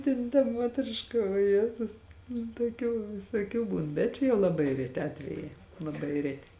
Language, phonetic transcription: Lithuanian, ˈtėn ta ˈmuotriška o ˈjėtus nu tuoˈkių visuoˈkių ˈbūn bet ˈčia jau laˈbai reˈti ˈatvejai laˈbai ˈreti

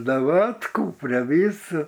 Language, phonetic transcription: Lithuanian, daˈvatku pre ˈvysa

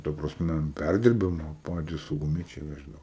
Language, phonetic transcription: Lithuanian, ta praˈsme an ˈpærdirbimo ˈpatys sauguˈmiečiai ˈveždavo

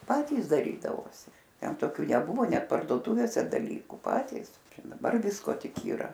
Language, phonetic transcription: Lithuanian, ˈpatys daˈrydavosi ˈten toˈkių neˈbuvo ˈnet pardoˈtuvėse daˈlykų ˈpatys ˈčia daˈbar ˈvisko ˈtik yˈra

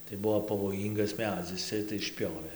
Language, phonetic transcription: Lithuanian, tai ˈbuvo pavoˈjyngas ˈmedzis ˈcia tai išˈpiovė

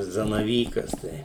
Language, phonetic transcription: Lithuanian, zanaˈvykas ˈtai

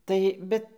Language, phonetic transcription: Lithuanian, ˈtai ˈbet

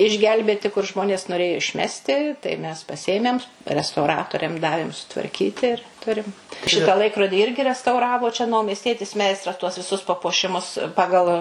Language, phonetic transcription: Lithuanian, išˈgelbėti kur ˈžmonės noˈrėjo išˈmesti tai mes paˈsiemem restauˈratoriam ˈdavėm sutvarˈkyti ir ˈturim ˈšitą ˈlaikrodį ˈirgi restauˈravo čia naumiesˈtietis ˈmeistras tuos viˈsus papuoˈšimus ˈpagal

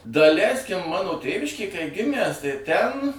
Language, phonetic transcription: Lithuanian, daˈleiskim ˈmano ˈtėviškėj kai ˈgimæs tai ten

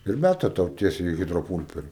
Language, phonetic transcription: Lithuanian, ir ˈmæta ˈtau ˈtiesiai hidroˈpūlperi

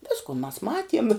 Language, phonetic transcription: Lithuanian, ˈvisku mas ˈmatiem

